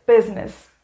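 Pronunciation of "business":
'Business' is pronounced correctly here.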